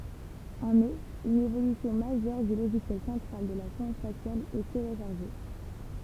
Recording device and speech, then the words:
temple vibration pickup, read sentence
En mai une évolution majeure du logiciel central de la sonde spatiale est téléchargée.

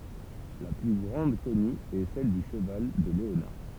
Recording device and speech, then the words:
temple vibration pickup, read sentence
La plus grande connue est celle du cheval de Léonard.

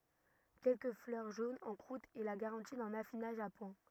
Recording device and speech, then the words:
rigid in-ear microphone, read sentence
Quelques fleurs jaunes en croûte est la garantie d'un affinage à point.

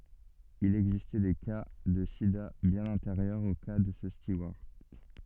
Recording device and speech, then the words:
soft in-ear microphone, read sentence
Il existait des cas de sida bien antérieurs au cas de ce steward.

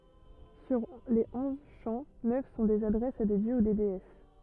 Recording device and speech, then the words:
rigid in-ear microphone, read sentence
Sur les onze chants, neuf sont des adresses à des dieux ou déesses.

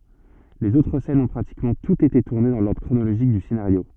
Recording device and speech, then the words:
soft in-ear microphone, read sentence
Les autres scènes ont pratiquement toutes été tournées dans l'ordre chronologique du scénario.

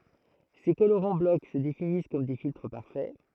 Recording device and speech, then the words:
throat microphone, read sentence
Ces colorants bloc se définissent comme des filtres parfaits.

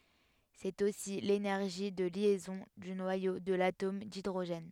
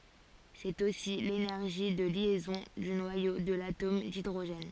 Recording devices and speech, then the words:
headset microphone, forehead accelerometer, read sentence
C'est aussi l'énergie de liaison du noyau de l'atome d'hydrogène.

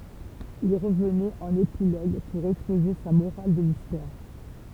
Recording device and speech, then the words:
temple vibration pickup, read sentence
Il revenait en épilogue pour exposer sa morale de l'histoire.

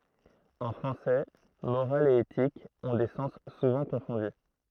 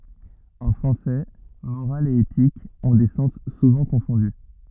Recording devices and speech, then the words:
throat microphone, rigid in-ear microphone, read sentence
En français, morale et éthique ont des sens souvent confondus.

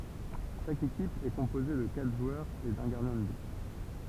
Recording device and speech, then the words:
temple vibration pickup, read sentence
Chaque équipe est composée de quatre joueurs et d'un gardien de but.

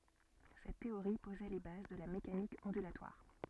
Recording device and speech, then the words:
soft in-ear microphone, read sentence
Cette théorie posait les bases de la mécanique ondulatoire.

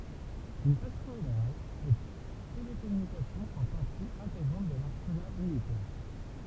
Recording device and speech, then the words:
temple vibration pickup, read sentence
D'une façon générale, les télécommunications font partie intégrante de l'arsenal militaire.

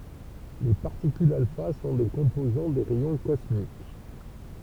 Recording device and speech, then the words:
temple vibration pickup, read sentence
Les particules alpha sont des composants des rayons cosmiques.

